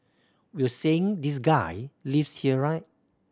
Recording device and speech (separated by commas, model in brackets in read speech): standing microphone (AKG C214), read sentence